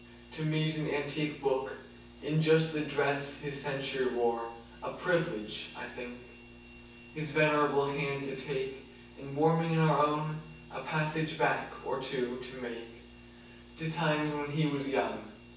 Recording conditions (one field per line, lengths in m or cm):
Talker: one person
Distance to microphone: 9.8 m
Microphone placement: far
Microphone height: 1.8 m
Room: large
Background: none